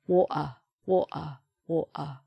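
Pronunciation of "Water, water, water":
'Water' is said three times in a Cockney accent. The T in the middle is not pronounced, and a glottal stop is heard in its place.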